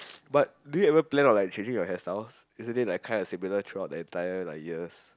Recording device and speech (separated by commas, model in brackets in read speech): close-talking microphone, conversation in the same room